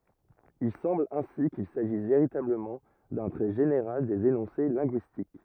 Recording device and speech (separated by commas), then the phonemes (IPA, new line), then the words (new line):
rigid in-ear microphone, read sentence
il sɑ̃bl ɛ̃si kil saʒis veʁitabləmɑ̃ dœ̃ tʁɛ ʒeneʁal dez enɔ̃se lɛ̃ɡyistik
Il semble ainsi qu'il s'agisse véritablement d'un trait général des énoncés linguistiques.